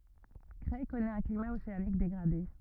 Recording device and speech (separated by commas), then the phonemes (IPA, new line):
rigid in-ear microphone, read sentence
kʁɛj kɔnɛt œ̃ klima oseanik deɡʁade